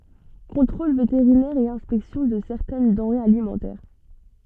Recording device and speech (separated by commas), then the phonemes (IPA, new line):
soft in-ear microphone, read sentence
kɔ̃tʁol veteʁinɛʁ e ɛ̃spɛksjɔ̃ də sɛʁtɛn dɑ̃ʁez alimɑ̃tɛʁ